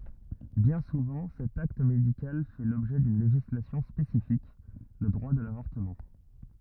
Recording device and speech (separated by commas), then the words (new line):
rigid in-ear microphone, read sentence
Bien souvent cet acte médical fait l'objet d'une législation spécifique, le droit de l'avortement.